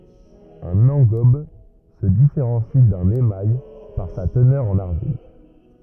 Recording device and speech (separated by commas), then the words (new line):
rigid in-ear microphone, read sentence
Un engobe se différencie d'un émail par sa teneur en argile.